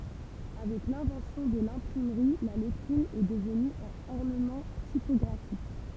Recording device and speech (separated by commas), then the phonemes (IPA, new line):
temple vibration pickup, read sentence
avɛk lɛ̃vɑ̃sjɔ̃ də lɛ̃pʁimʁi la lɛtʁin ɛ dəvny œ̃n ɔʁnəmɑ̃ tipɔɡʁafik